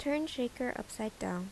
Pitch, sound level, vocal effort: 250 Hz, 78 dB SPL, soft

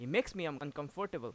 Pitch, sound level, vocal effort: 155 Hz, 92 dB SPL, loud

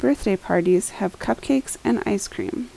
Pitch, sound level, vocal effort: 280 Hz, 77 dB SPL, soft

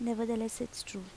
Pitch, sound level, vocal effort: 230 Hz, 77 dB SPL, soft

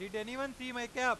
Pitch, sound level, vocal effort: 245 Hz, 104 dB SPL, very loud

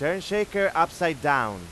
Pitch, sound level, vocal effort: 170 Hz, 99 dB SPL, very loud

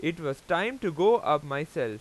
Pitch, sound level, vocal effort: 165 Hz, 95 dB SPL, loud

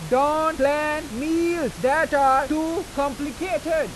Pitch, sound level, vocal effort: 300 Hz, 98 dB SPL, very loud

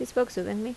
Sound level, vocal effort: 79 dB SPL, normal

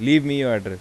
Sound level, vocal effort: 89 dB SPL, normal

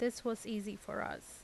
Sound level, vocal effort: 82 dB SPL, normal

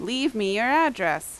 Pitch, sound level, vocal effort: 265 Hz, 88 dB SPL, very loud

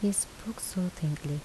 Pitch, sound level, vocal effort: 180 Hz, 74 dB SPL, soft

